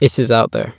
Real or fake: real